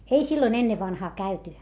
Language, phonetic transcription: Finnish, ei silloⁱn ‿ennevvanhaa käyty .
- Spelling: ei silloin ennen vanhaan käyty

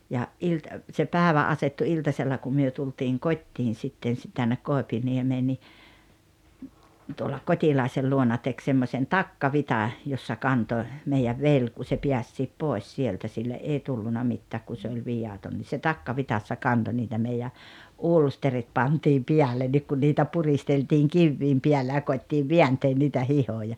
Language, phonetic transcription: Finnish, ja , ’ilt- , se "pääᵉvä 'asettu 'iltasella kum myö tultiiŋ "kot́t́iin 'sitten̬ si- tännek 'Kòepiniemee ni , tuola "Kot́ilàesel luona tek 'semmośen "takkavita , jossa 'kantoⁱ , meijäv "vel ku se 'piässiip "pòes 'sieltä sille’ "’ei 'tulluna mittääk ku se oĺ "vijaton ni se "takkavitassa 'kanto niitä meijä , "ulsterit 'pantiim 'piälennik kun niitä 'puristeltiiŋ "kivviim piällä ja 'koittiiv "viänteen niitä 'hihoja .
- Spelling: ja - se päivä asettui iltasella kun me tultiin kotiin sitten - tänne Koipiniemeen niin tuolla Kotilaisen luona teki semmoisen takkavitsan jossa kantoi meidän veli kun se pääsikin pois sieltä sille ei tullut mitään kun se oli viaton niin se takkavitsassa kantoi niitä meidän ulsterit pantiin päällekin kun niitä puristeltiin kivien päällä ja koetettiin vääntää niitä hihoja

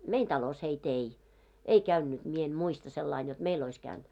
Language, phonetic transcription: Finnish, 'mein talos hei't ‿ei , "ei 'käynnyt , mie en 'muista sellain jot 'meil ‿ois käynᴅ .
- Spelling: meidän talossa heitä ei ei käynyt minä en muista sillä lailla jotta meillä olisi käynyt

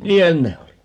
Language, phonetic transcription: Finnish, "niihän 'ne oli .
- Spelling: niinhän ne oli

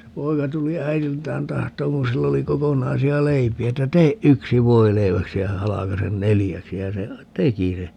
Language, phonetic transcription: Finnish, se 'poika tuli 'äijiltään 'tahtooŋ kun 'sill ‿oli 'kokonnaisi₍a "leipiä että » 'teeʼ "ʼyksi 'voileiväksi ja 'halakasen "nelijäksi » ja se , "teki se .
- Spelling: se poika tuli äidiltään tahtomaan kun sillä oli kokonaisia leipiä että tee yksi voileiväksi ja halkaise neljäksi ja se teki sen

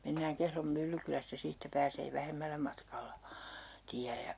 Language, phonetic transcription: Finnish, mennääŋ 'Kehrom 'Myllykylästä 'siittä pääsee 'vähemmällä matkalla , 'tiä ja ,.
- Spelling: mennään Kehron Myllykylästä siitä pääsee vähemmällä matkalla tie ja

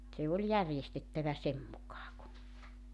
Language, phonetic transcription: Finnish, se oĺ "järjestettävä 'sem mukaa ku ,.
- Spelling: se oli järjestettävä sen mukaan kuin

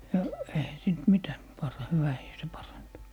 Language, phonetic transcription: Finnish, ja , eihä siint "mitä , par - 'hyvähii "se 'parantu .
- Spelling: ja eihän siitä mitä - hyvähinen se parantui

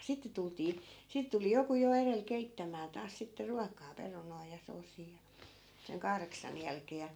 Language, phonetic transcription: Finnish, 'sitte 'tultii , sìt tuli 'joku jo 'erel 'keittämää taas sitte "ruakaa 'perunoi ja 'soosii ja , seŋ 'kahreksan 'jälkee ja .
- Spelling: sitten tultiin sitä tuli joku jo edellä keittämään taas sitten ruokaa perunoita ja soosia ja sen kahdeksan jälkeen ja

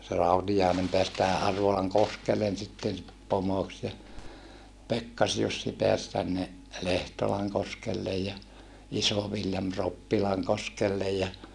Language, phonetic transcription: Finnish, se Rautijàenem peäs tähä ʼArvolaŋkoskellen sitten , pomoks ja , Pekkas-Jussi peäs tänne , Lehtolaŋkoskellej ja , Iso-Viljam Roppilaŋkoskellej ja ,.
- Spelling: se Rautiainen pääsi tähän Arvolankoskelle sitten pomoksi ja Pekkas-Jussi pääsi tänne Lehtolankoskelle ja Iso-Viljami Roppilankoskelle ja

